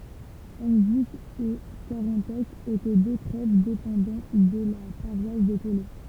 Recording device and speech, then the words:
temple vibration pickup, read sentence
Henvic et Carantec étaient deux trèves dépendant de la paroisse de Taulé.

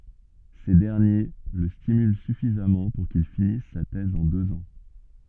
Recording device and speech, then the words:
soft in-ear microphone, read sentence
Ces derniers le stimulent suffisamment pour qu'il finisse sa thèse en deux ans.

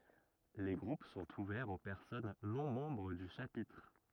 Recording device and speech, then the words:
rigid in-ear microphone, read sentence
Les groupes sont ouverts aux personnes non membres du Chapitre.

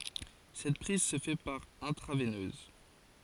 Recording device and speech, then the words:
forehead accelerometer, read sentence
Cette prise se fait par intraveineuse.

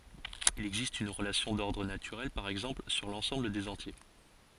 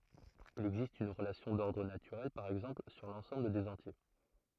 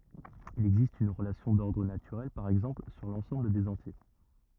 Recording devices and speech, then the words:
forehead accelerometer, throat microphone, rigid in-ear microphone, read sentence
Il existe une relation d'ordre naturelle par exemple sur l'ensemble des entiers.

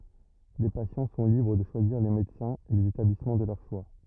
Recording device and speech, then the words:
rigid in-ear microphone, read sentence
Les patients sont libres de choisir les médecins et les établissements de leur choix.

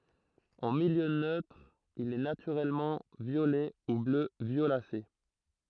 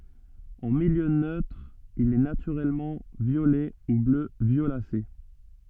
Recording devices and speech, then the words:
throat microphone, soft in-ear microphone, read sentence
En milieu neutre il est naturellement violet ou bleu violacé.

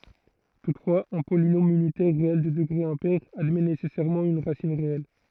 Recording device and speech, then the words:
throat microphone, read sentence
Toutefois, un polynôme unitaire réel de degré impair admet nécessairement une racine réelle.

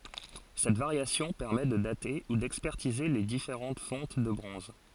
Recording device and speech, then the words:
forehead accelerometer, read sentence
Cette variation permet de dater ou d'expertiser les différentes fontes de bronzes.

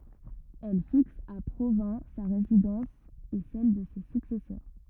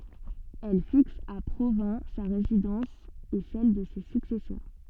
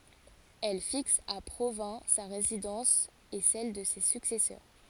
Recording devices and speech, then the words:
rigid in-ear microphone, soft in-ear microphone, forehead accelerometer, read sentence
Elle fixe à Provins sa résidence et celle de ses successeurs.

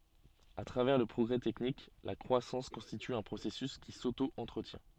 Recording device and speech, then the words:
soft in-ear microphone, read sentence
À travers le progrès technique, la croissance constitue un processus qui s'auto-entretient.

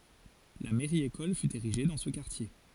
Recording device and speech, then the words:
forehead accelerometer, read sentence
La mairie-école fut érigée dans ce quartier.

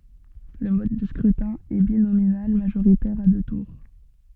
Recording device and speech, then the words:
soft in-ear microphone, read sentence
Le mode de scrutin est binominal majoritaire à deux tours.

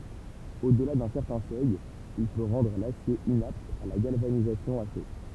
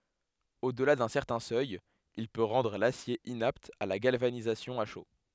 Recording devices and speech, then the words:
temple vibration pickup, headset microphone, read sentence
Au-delà d'un certain seuil, il peut rendre l’acier inapte à la galvanisation à chaud.

